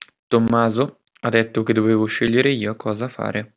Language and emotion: Italian, neutral